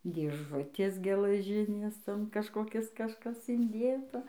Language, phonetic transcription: Lithuanian, dėˈžutės gelaˈžinės ˈton kažkoˈkis kažˈkas inˈdėta

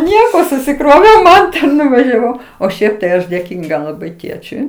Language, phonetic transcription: Lithuanian, ˈnieko susiˈkroviau ˈmanta nuvažiaˈvau o ˈšiaip tai ˈaš dėˈkynga laˈbai ˈtėčiui

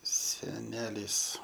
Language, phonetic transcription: Lithuanian, seˈnelys

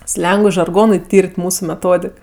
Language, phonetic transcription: Lithuanian, ˈslengui žarˈgonui ˈtyr't' ˈmūsu meˈtodik

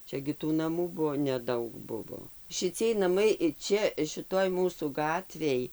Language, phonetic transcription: Lithuanian, ˈčia gi tų naˈmų ˈbuvo neˈdaug ˈbuvo šiˈciej naˈmai ˈčia šiˈtoj ˈmūsų ˈgatvėj

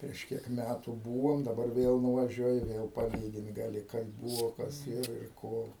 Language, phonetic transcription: Lithuanian, prieš ˈkiek ˈmætų ˈbūvom daˈbar ˈvėl nuvaˈžiuoji ˈvėl paˈlygint gaˈli kaip ˈbūvo ˈkas ˈir ir ˈko

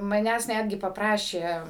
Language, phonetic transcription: Lithuanian, maˈnęs ˈnætgi papˈrašė

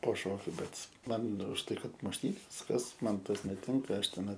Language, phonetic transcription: Lithuanian, po ˈšokiu ˈbet ˈman už tai kad mušˈtynės ˈkas ˈman ˈtas neˈtinka ˈaš teˈnai

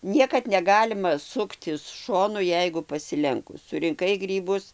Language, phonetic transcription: Lithuanian, ˈniekad neˈgalima ˈsuktis ˈšonu ˈjeigu pasiˈlenkus surinˈkai ˈgrybus

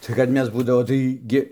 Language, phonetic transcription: Lithuanian, tai kad ˈmes ˈbūdavo tai ˈgi

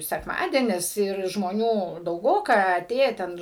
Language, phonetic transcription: Lithuanian, sekˈmadienis ir žmoˈnių dauˈgoka aˈtėje ˈten

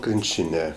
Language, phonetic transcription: Lithuanian, ˈkrinčine

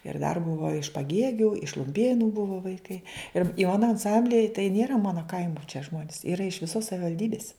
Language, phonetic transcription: Lithuanian, ir dar ˈbuva iš paˈgėgiu iš lumˈpėnu ˈbuvo vaiˈkai ir i ˈmano anˈsamblije tai ˈnėra ˈmano ˈkaimu čia ˈžmonis ˈyra iš viˈsos savivalˈdybis

